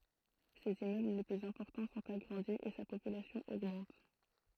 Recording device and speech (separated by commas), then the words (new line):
throat microphone, read sentence
Ses immeubles les plus importants sont agrandis et sa population augmente.